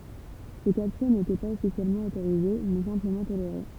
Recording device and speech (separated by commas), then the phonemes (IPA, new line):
temple vibration pickup, read sentence
se kaptyʁ netɛ paz ɔfisjɛlmɑ̃ otoʁize mɛ sɛ̃pləmɑ̃ toleʁe